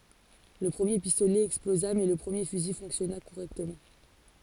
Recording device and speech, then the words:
forehead accelerometer, read sentence
Le premier pistolet explosa mais le premier fusil fonctionna correctement.

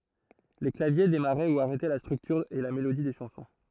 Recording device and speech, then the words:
throat microphone, read sentence
Les claviers démarraient ou arrêtaient la structure et la mélodie des chansons.

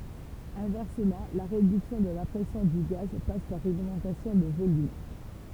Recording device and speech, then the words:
temple vibration pickup, read sentence
Inversement, la réduction de la pression du gaz passe par une augmentation de volume.

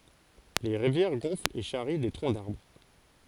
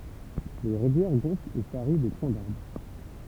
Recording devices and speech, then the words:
forehead accelerometer, temple vibration pickup, read sentence
Les rivières gonflent et charrient des troncs d’arbres.

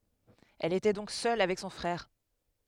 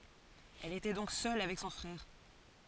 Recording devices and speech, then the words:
headset microphone, forehead accelerometer, read sentence
Elle était donc seule avec son frère.

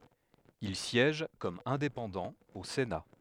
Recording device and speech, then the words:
headset microphone, read sentence
Il siège comme indépendant au Sénat.

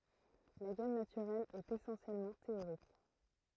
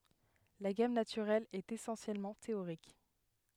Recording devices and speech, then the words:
throat microphone, headset microphone, read sentence
La gamme naturelle est essentiellement théorique.

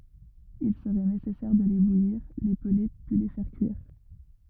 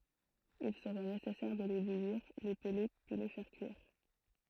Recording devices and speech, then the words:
rigid in-ear microphone, throat microphone, read sentence
Il serait nécessaire de les bouillir, les peler puis les faire cuire.

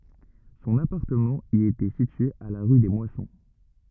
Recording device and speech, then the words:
rigid in-ear microphone, read sentence
Son appartement y était situé à la rue des Moissons.

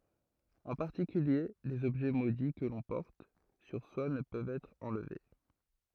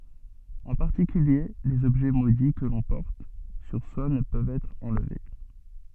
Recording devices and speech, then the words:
throat microphone, soft in-ear microphone, read sentence
En particulier, les objets maudits que l'on porte sur soi ne peuvent être enlevés.

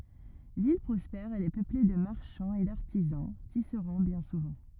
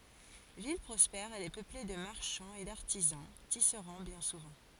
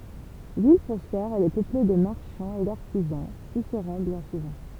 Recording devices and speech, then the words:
rigid in-ear microphone, forehead accelerometer, temple vibration pickup, read sentence
Ville prospère, elle est peuplée de marchands et d'artisans, tisserands bien souvent.

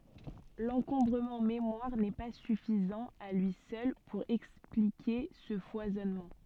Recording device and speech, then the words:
soft in-ear microphone, read sentence
L'encombrement mémoire n'est pas suffisant à lui seul pour expliquer ce foisonnement.

